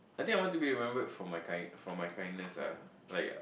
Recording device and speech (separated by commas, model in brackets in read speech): boundary microphone, conversation in the same room